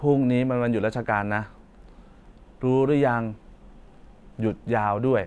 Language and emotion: Thai, frustrated